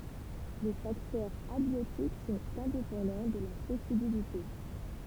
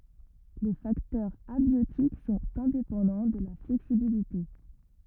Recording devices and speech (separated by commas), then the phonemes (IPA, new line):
temple vibration pickup, rigid in-ear microphone, read sentence
le faktœʁz abjotik sɔ̃t ɛ̃depɑ̃dɑ̃ də la flɛksibilite